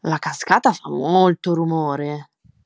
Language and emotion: Italian, surprised